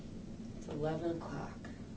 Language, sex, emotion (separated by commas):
English, female, neutral